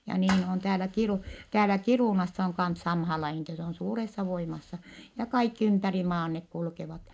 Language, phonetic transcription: Finnish, ja niin on täälä Kirù- , täälä Kirùnassa oŋ kans samhaa laihin ‿ettɛ se on suuressa voimassa , ja kaikki ympäri maan nek kulkevat .
- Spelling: ja niin on täällä - täällä Kiirunassa on kanssa samaan lajiin että se on suuressa voimassa ja kaikki ympäri maan ne kulkevat

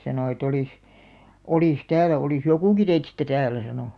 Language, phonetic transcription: Finnish, 'sanò e't‿ » olìs , 'olìs "täälä olìs "jokùki teitistä 'tääl̆§lä « sano .
- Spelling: sanoi että olisi olisi täällä olisi jokukin teistä täällä sanoi

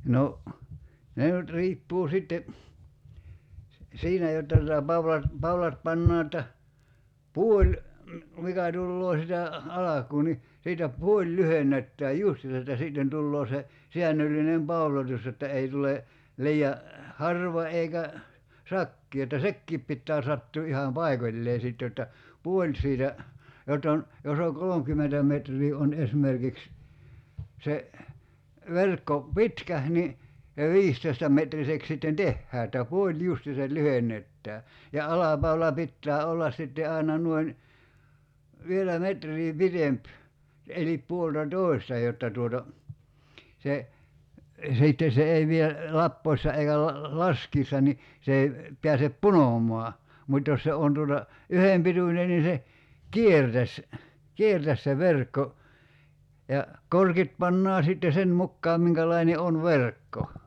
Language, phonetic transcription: Finnish, 'no , 'ne nyt 'riippuu 'sitte , si- , "siinä jotta tuta 'pawlat , 'paulat 'pannaa että , "puoĺ , 'mikä tulloo sitä , "alak̀uu ni , 'siitä "puoĺ 'lyhen̆nettääj "justiisa että 'sìtten tulloo se , 'siännöllinem "paulotus jotta 'ei tule , 'lii₍a , "harva eikä , "sakkii että "sekkiip pittää 'sattuu 'iham "paikoĺlee sit jotta , 'puoĺ siitä , 'jott ‿on , 'jos ‿o 'kolomkymmentä metr̀ii on "esmerkiks , 'se , 'verkko , "pitkäh̳§ ni , (se) "viistoi̬sta'metrisek sitten "tehhää että 'puoĺ "justiisal 'lyheǹettää , ja "alapaula 'pittää 'ollas sitte 'ai̬na 'nuoin , 'vielä 'metr̀ii "pitemp , 'elip 'puolta"tòi̬sta jotta tuota , 'se , 'sìtte 'se ei vie , 'lappoissa eikä la- , "laskiissa ni , 'se ei , 'piäsep "punom̀ɔa , 'mut́ jos se 'on tuota , "yhem 'pituńen ni se , "kiertäs , "kiertäs se 'verkko , ja , "korkit 'pannaa sitte 'sen 'mukkaam 'miŋkälaine on "verkko .
- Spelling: no ne nyt riippuu sitten - siinä jotta tuota paulat paulat pannaan että puoli mikä tulee sitä alkuun niin siitä puoli lyhennetään justiinsa että sitten tulee se säännöllinen pauloitus jotta ei tule liian harva eikä sakea että sekin pitää sattua ihan paikoilleen sitten jotta puoli siitä jotta on jos on kolmekymmentä metriä on esimerkiksi se verkko pitkä niin se viisitoistametriseksi sitten tehdään että puoli justiinsa lyhennetään ja alapaula pitää olla sitten aina noin vielä metriä pitempi eli puoltatoista jotta tuota se sitten se ei vie lappoessa eikä - laskiessa niin se ei pääse punomaan mutta jos se on tuota yhden pituinen niin se kiertäisi kiertäisi se verkko ja korkit pannaan sitten sen mukaan minkälainen on verkko

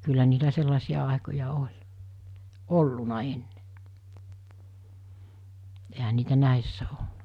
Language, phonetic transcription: Finnish, kyllä niitä 'sellasi₍a àekoja 'oĺ , "olluna enne , ehä niitä 'nä̀essä (o - -) .
- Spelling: kyllä niitä sellaisia aikoja oli ollut ennen eihän niitä näissä ole

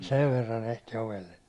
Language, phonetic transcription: Finnish, 'sev verran ehti 'ovelle .
- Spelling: sen verran ehti ovelle

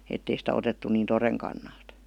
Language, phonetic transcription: Finnish, ettei sitä otettu niin "to-reŋ kannalt .
- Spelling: että ei sitä otettu niin toden kannalta

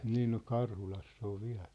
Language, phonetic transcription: Finnish, 'nii no "Karhulass ‿ov 'viä̭ʟ .
- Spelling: niin no Karhulassa on vielä

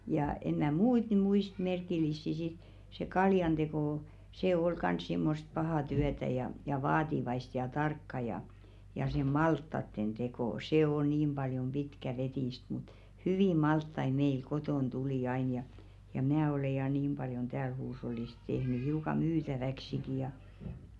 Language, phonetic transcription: Finnish, jà en mä̀ "muit ny 'muist 'merkil̆lissi sit , se 'kaljanᴅeko , 'se ol kans simmost "pahà 'tyätä ja , ja "vaativaist ja 'tarkka ja , ja se "malttatten 'ᴅeko "se 'o niim ʙaljom "ʙitkä'vetìst mut , "hyvì 'malttai meil 'kotòn tulì ain ja , ja "mⁿᵃ̈ᵃ̈ ole ja 'niim ʙaljon 'tääl huush̬ollis 'tehny hiuka "myytäväksiki ja .
- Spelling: ja en minä muita nyt muista merkillisiä sitten se kaljanteko se oli kanssa semmoista pahaa työtä ja ja vaativaista ja tarkkaa ja ja se maltaiden teko se on niin paljon pitkäveteistä mutta hyviä maltaita meillä kotona tuli aina ja ja minä olen ja niin paljon täällä huushollissa tehnyt hiukan myytäväksikin ja

